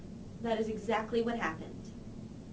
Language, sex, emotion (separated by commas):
English, female, neutral